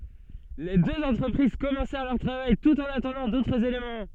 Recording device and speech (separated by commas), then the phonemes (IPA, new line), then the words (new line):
soft in-ear microphone, read sentence
le døz ɑ̃tʁəpʁiz kɔmɑ̃sɛʁ lœʁ tʁavaj tut ɑ̃n atɑ̃dɑ̃ dotʁz elemɑ̃
Les deux entreprises commencèrent leur travail tout en attendant d'autres éléments.